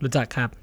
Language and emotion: Thai, neutral